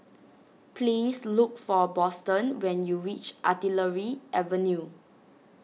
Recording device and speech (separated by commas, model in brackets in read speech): mobile phone (iPhone 6), read sentence